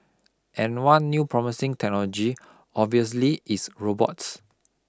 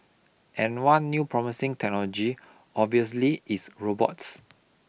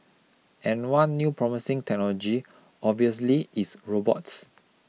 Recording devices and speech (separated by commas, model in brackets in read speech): close-talking microphone (WH20), boundary microphone (BM630), mobile phone (iPhone 6), read sentence